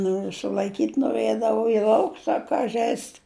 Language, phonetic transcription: Lithuanian, ˈnoriu sulaiˈkyt' noˈrɘdavu i ˈlauks a ˈka ˈžeist

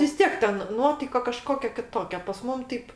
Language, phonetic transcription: Lithuanian, vis ˈtiek ten ˈnuotaika kaˈžkokia kiˈtokia pas ˈmum ˈteip

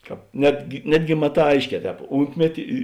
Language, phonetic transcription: Lithuanian, ˈkāp ˈnetgi ˈnetgi maˈtā ˈaišˌkē ˈtēp ˈūntmeti i

